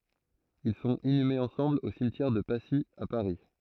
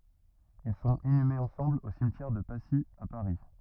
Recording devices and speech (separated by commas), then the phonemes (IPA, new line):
throat microphone, rigid in-ear microphone, read sentence
il sɔ̃t inymez ɑ̃sɑ̃bl o simtjɛʁ də pasi a paʁi